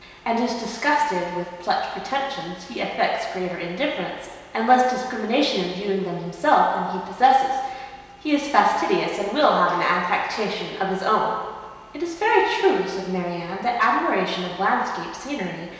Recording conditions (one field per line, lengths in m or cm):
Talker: one person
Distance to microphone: 1.7 m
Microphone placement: close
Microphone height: 1.0 m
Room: very reverberant, large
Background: none